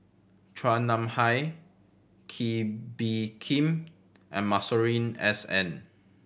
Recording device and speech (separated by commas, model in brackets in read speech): boundary microphone (BM630), read sentence